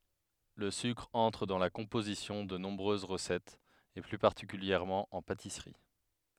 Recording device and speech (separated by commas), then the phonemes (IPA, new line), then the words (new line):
headset microphone, read sentence
lə sykʁ ɑ̃tʁ dɑ̃ la kɔ̃pozisjɔ̃ də nɔ̃bʁøz ʁəsɛtz e ply paʁtikyljɛʁmɑ̃ ɑ̃ patisʁi
Le sucre entre dans la composition de nombreuses recettes, et plus particulièrement en pâtisserie.